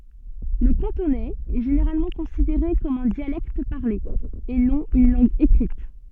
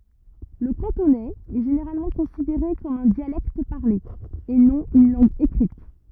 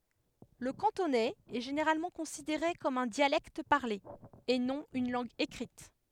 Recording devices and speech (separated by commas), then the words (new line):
soft in-ear microphone, rigid in-ear microphone, headset microphone, read sentence
Le cantonais est généralement considéré comme un dialecte parlé, et non une langue écrite.